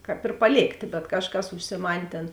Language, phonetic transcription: Lithuanian, ˈkāp ir paˈlėktė bet ˈkažˌkas užsiˈman' ˈtėn

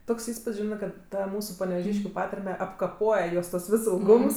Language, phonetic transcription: Lithuanian, ˈtoks ˈįspud's' ˈžinɜ kad ˈta ˈmūsu paneveˈžyškiu ˈpatarme apkaˈpoje ˈjos tuos ˈvis ilˈgums

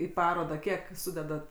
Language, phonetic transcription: Lithuanian, į ˈparodą ˈkiek ˈsudedat

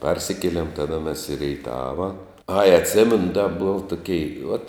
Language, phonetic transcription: Lithuanian, ˈparsikielėm ˈtada mes i reiˈtava ai atˈsėmenu da bov toˈkei uot

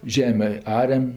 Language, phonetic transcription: Lithuanian, ˈžemė ˈariam

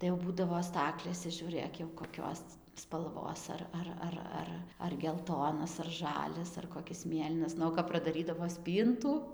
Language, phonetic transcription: Lithuanian, tai jau ˈbūdavo ˈstaklėse žiūˈrɘk jau koˈkios spalˈvos ar ˈar ˈar ˈar ar gelˈtonas ar ˈžalias ar koˈkis ˈmėlynas ˈnu o kap pradaˈrydavo ˈspyntų

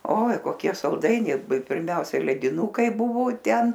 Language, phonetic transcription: Lithuanian, oi koˈkie salˈdainiai pirˈmiausiai lediˈnūkai ˈbuvo ˈten

